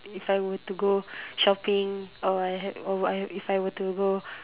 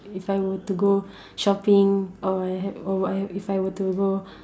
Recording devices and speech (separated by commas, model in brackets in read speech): telephone, standing microphone, conversation in separate rooms